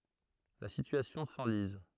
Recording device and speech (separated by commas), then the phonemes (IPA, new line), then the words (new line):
throat microphone, read sentence
la sityasjɔ̃ sɑ̃liz
La situation s'enlise.